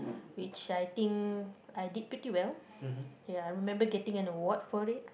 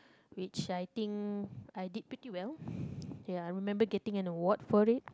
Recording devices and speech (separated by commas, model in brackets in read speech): boundary microphone, close-talking microphone, conversation in the same room